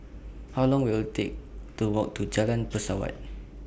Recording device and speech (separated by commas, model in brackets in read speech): boundary microphone (BM630), read sentence